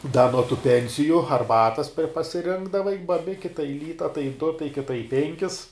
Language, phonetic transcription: Lithuanian, da nuo tų ˈpensiju arˈbatas per pasiˈrinkdavai baˈbiki tai ˈlyta tai du tai kiˈta i ˈpenkis

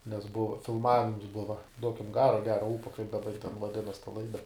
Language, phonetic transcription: Lithuanian, nes ˈbuva filˈmavims ˈbuva ˈduokim ˈgaro a ˈgero ˈūpo kaip daˈba ji ten vaˈdinas ta ˈlaida

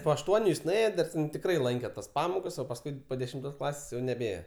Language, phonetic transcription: Lithuanian, po ašˈtuoniu jis nuˈėjo dar ten tikˈrai ˈlanke tas ˈpamokas o pasˈkui po dešimˈtos ˈklasės jau neˈbėje

